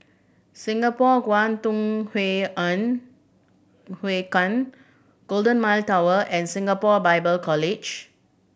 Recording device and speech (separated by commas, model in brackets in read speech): boundary microphone (BM630), read sentence